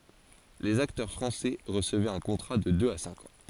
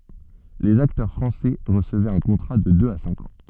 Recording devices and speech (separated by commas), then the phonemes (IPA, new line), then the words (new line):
forehead accelerometer, soft in-ear microphone, read sentence
lez aktœʁ fʁɑ̃sɛ ʁəsəvɛt œ̃ kɔ̃tʁa də døz a sɛ̃k ɑ̃
Les acteurs français recevaient un contrat de deux à cinq ans.